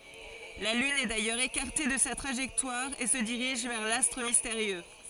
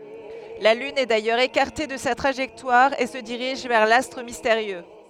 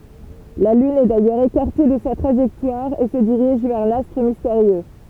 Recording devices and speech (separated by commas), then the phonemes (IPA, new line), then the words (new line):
forehead accelerometer, headset microphone, temple vibration pickup, read sentence
la lyn ɛ dajœʁz ekaʁte də sa tʁaʒɛktwaʁ e sə diʁiʒ vɛʁ lastʁ misteʁjø
La Lune est d'ailleurs écartée de sa trajectoire et se dirige vers l'astre mystérieux.